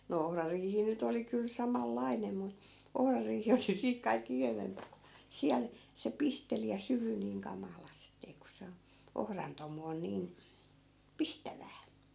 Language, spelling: Finnish, no ohrariihi nyt oli kyllä samanlainen mutta ohrariihi oli siitä kaikkein ikävämpää siellä se pisteli ja syyhyi niin kamalasti kun se - ohran tomu on niin pistävää
- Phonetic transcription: no 'ohrariihi 'nyt ‿oli kyl "samal'lainem mu , 'ohrariihi oli 'siik kaik'k ‿ikävempä , 'siäl , se 'pisteli ja "syhy niiŋ 'kamalastee ku 'se o- , 'ohran tomu on 'niin , "pistävää .

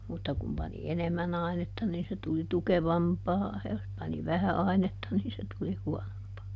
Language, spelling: Finnish, mutta kun pani enemmän ainetta niin se tuli tukevampaa ja jos pani vähän ainetta niin se tuli huonompaa
- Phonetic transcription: mutta kum pani "enemmäˈn ‿ainetta niin se tuli "tukevampaa ja jos pani "vähä ˈainetta ˈniin se tuli "huɔnompaa .

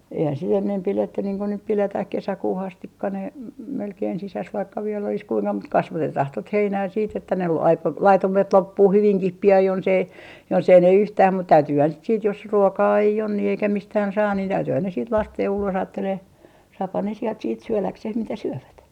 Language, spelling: Finnish, eihän sitten ennen pidetty niin kun nyt pidetään kesäkuuhun asti ne - melkein sisässä vaikka vielä olisi kuinka mutta kasvatetaan tuota heinää sitten että ne voi - laitumet loppua hyvinkin pian jos ei jos ei ne yhtään mutta täytyyhän sitten sitten jos ruokaa ei on niin eikä mistään saa niin täytyyhän ne sitten laskea jo ulos ajattelemaan saahan ne sieltä sitten syödäkseen mitä syövät
- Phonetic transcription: eihän sit 'ennem 'piletty niiŋ ku nyp 'piletäh 'kesäkuuh ‿astikka ne , m - melkein 'sisäs vaikka viell ‿olis kuiŋka mut "kasvatetah tot 'heinää siit ‿että ne voi aik- , laitumet 'loppuu 'hyviŋkih 'pi₍an jonsei , jos ‿ei ne "yhtääm mut täytyyhän sit siit jos , 'ruokaa 'ei on ni eikä 'mistään 'saa niin 'täytyyhän ne siit 'lastee jo ulos aattelee , saaphan ne sielt siit "syöläkseh mitä 'syövät .

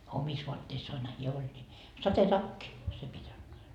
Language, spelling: Finnish, omissa vaatteissaanhan hän oli niin sadetakki se piti antaa
- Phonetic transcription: 'omis voatteissaanha hiä 'oĺ ńi , "satetakki , 'se pit́ antaa .

